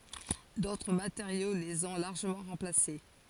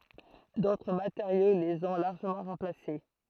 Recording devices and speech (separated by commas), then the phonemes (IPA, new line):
forehead accelerometer, throat microphone, read sentence
dotʁ mateʁjo lez ɔ̃ laʁʒəmɑ̃ ʁɑ̃plase